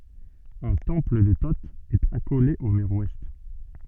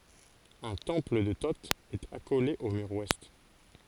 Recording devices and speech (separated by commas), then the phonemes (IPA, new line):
soft in-ear microphone, forehead accelerometer, read sentence
œ̃ tɑ̃pl də to ɛt akole o myʁ wɛst